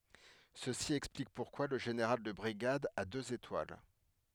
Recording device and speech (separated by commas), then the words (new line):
headset microphone, read sentence
Ceci explique pourquoi le général de brigade a deux étoiles.